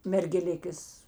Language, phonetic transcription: Lithuanian, mergeˈlikės

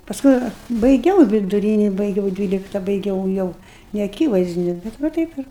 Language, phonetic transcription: Lithuanian, pasˈkui baiˈgiau viduˈryni baiˈgiau ˈdvylikta baiˈgiau jau neaˈkyvaizdiniu bet va ˈtaip ir

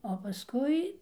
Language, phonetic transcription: Lithuanian, o paˈskui

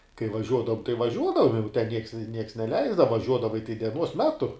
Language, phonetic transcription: Lithuanian, kai vaˈžiuodavum tai vaˈžiuodavum jau ten nieks nieks neˈleisdava vaˈžiuodavai tai deˈnuos ˈmetu

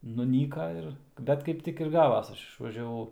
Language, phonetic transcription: Lithuanian, nuˈnyka ˈir ˈbet kaip ˈtik ir ˈgavas ˈaš išvažiaˈvau

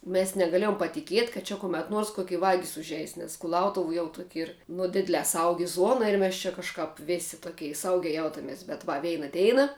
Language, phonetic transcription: Lithuanian, mes negaˈlėjom patiˈkiet' kad ˈčia kuˈmet ˈnuors koˈki ˈvagis užˈeis nes kuˈlautuv jau tuok' ˈyr ˈnu ˈdidlē ˈsaugi ˈzuona ir ˈmes čia kažˈkāp ˈvėsi toˈkei ˈsaugiai ˈjautames bet ˈva ˈveina ˈdeina

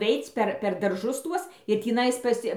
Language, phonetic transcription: Lithuanian, ˈveic per per darˈžus ˈtuos ir tįˈnais ˈpas

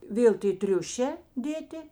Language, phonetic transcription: Lithuanian, ˈvėl tė ˈtriušē ˈdėti

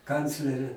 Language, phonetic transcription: Lithuanian, ˈkanclerė

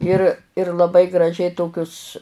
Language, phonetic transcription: Lithuanian, ˈir ir laˈbai graˈžiai ˈtokius

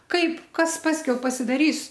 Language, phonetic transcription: Lithuanian, ˈkaip ˈkas ˈpaskiau pasidaˈrys

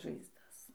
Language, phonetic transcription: Lithuanian, žaizˈdas

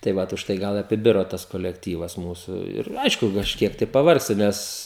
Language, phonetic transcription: Lithuanian, tai ˈvat užˈtai ˈgal apiˈbiro ˈtas kolekˈtyvas ˈmūsu ir ˈaišku kažˈkiek tai paˈvargsti ˈnes

